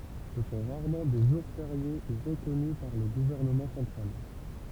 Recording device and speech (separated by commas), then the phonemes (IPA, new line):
temple vibration pickup, read sentence
sə sɔ̃ ʁaʁmɑ̃ de ʒuʁ feʁje u ʁəkɔny paʁ lə ɡuvɛʁnəmɑ̃ sɑ̃tʁal